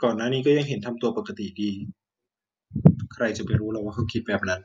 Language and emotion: Thai, neutral